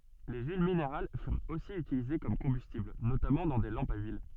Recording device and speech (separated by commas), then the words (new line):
soft in-ear microphone, read sentence
Les huiles minérales furent aussi utilisées comme combustible, notamment dans des lampes à huile.